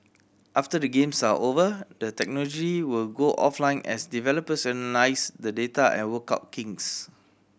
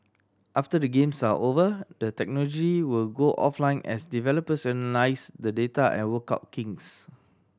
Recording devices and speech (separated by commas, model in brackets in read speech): boundary microphone (BM630), standing microphone (AKG C214), read sentence